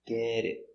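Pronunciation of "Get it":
In 'get it', the t of 'get' comes between two vowels and is pronounced like a d.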